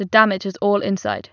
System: none